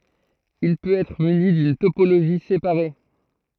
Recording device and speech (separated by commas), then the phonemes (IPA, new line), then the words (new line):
throat microphone, read sentence
il pøt ɛtʁ myni dyn topoloʒi sepaʁe
Il peut être muni d'une topologie séparée.